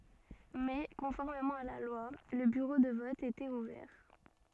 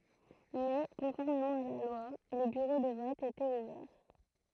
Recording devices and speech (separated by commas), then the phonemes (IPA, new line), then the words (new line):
soft in-ear microphone, throat microphone, read sentence
mɛ kɔ̃fɔʁmemɑ̃ a la lwa lə byʁo də vɔt etɛt uvɛʁ
Mais, conformément à la loi, le bureau de vote était ouvert.